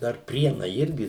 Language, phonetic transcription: Lithuanian, dar ˈprienai ˈirgi

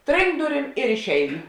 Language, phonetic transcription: Lithuanian, ˈtrinkt ˈduˌrym ir išˈeinu

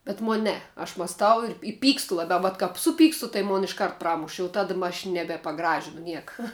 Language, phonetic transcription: Lithuanian, bet ˈmon' ˈne aš masˈtau ir i ˈpykstu laˈbiau vat kap ˈsuˌpykstu tai ˈmon išˈkart ˈpramuš jau ˈtada ma aš ˈnebe paˈgražinu ˈnieka

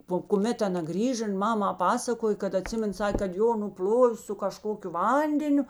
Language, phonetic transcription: Lithuanian, po kuˈmet aˈna ˈgrįža in ˈmama ˈpasakoj kad aˈtsimen ˈsakė kad ˈjo nuˈpl'ovė su kaˈžkokiu ˈvandeniu

